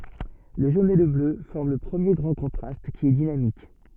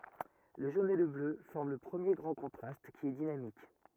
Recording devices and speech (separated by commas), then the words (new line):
soft in-ear microphone, rigid in-ear microphone, read sentence
Le jaune et le bleu forment le premier grand contraste, qui est dynamique.